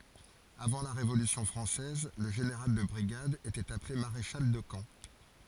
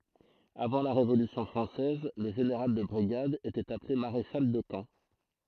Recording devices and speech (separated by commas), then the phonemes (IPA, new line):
forehead accelerometer, throat microphone, read sentence
avɑ̃ la ʁevolysjɔ̃ fʁɑ̃sɛz lə ʒeneʁal də bʁiɡad etɛt aple maʁeʃal də kɑ̃